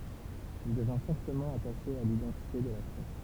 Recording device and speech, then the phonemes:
temple vibration pickup, read sentence
il dəvɛ̃ fɔʁtəmɑ̃ ataʃe a lidɑ̃tite də la ʃɛn

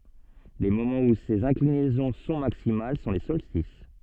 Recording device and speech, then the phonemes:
soft in-ear microphone, read sentence
le momɑ̃z u sez ɛ̃klinɛzɔ̃ sɔ̃ maksimal sɔ̃ le sɔlstis

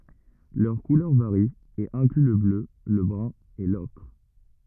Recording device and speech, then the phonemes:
rigid in-ear microphone, read sentence
lœʁ kulœʁ vaʁi e ɛ̃kly lə blø lə bʁœ̃ e lɔkʁ

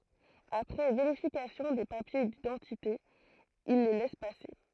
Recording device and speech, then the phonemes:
throat microphone, read sentence
apʁɛ veʁifikasjɔ̃ de papje didɑ̃tite il le lɛs pase

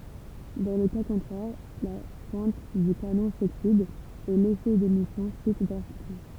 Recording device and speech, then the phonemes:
temple vibration pickup, read sentence
dɑ̃ lə ka kɔ̃tʁɛʁ la pwɛ̃t dy kanɔ̃ soksid e lefɛ demisjɔ̃ ʃyt dʁastikmɑ̃

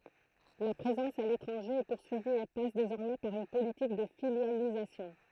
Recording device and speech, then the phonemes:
throat microphone, read sentence
la pʁezɑ̃s a letʁɑ̃ʒe ɛ puʁsyivi e pas dezɔʁmɛ paʁ yn politik də filjalizasjɔ̃

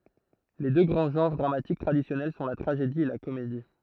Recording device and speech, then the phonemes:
throat microphone, read sentence
le dø ɡʁɑ̃ ʒɑ̃ʁ dʁamatik tʁadisjɔnɛl sɔ̃ la tʁaʒedi e la komedi

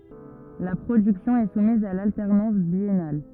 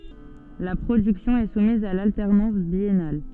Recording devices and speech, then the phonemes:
rigid in-ear microphone, soft in-ear microphone, read sentence
la pʁodyksjɔ̃ ɛ sumiz a laltɛʁnɑ̃s bjɛnal

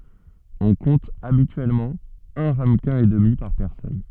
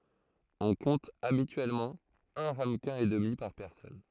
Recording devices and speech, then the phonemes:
soft in-ear microphone, throat microphone, read sentence
ɔ̃ kɔ̃t abityɛlmɑ̃ œ̃ ʁaməkɛ̃ e dəmi paʁ pɛʁsɔn

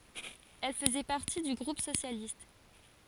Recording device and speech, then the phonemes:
forehead accelerometer, read sentence
ɛl fəzɛ paʁti dy ɡʁup sosjalist

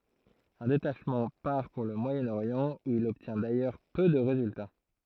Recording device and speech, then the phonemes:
throat microphone, read sentence
œ̃ detaʃmɑ̃ paʁ puʁ lə mwajənoʁjɑ̃ u il ɔbtjɛ̃ dajœʁ pø də ʁezylta

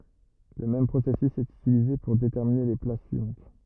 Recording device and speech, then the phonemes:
rigid in-ear microphone, read sentence
lə mɛm pʁosɛsys ɛt ytilize puʁ detɛʁmine le plas syivɑ̃t

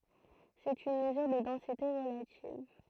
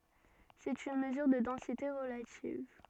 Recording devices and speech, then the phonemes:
throat microphone, soft in-ear microphone, read sentence
sɛt yn məzyʁ də dɑ̃site ʁəlativ

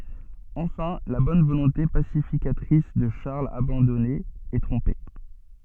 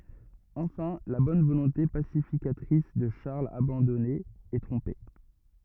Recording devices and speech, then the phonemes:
soft in-ear microphone, rigid in-ear microphone, read sentence
ɑ̃fɛ̃ la bɔn volɔ̃te pasifikatʁis də ʃaʁl abɑ̃dɔne ɛ tʁɔ̃pe

